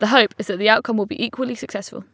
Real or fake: real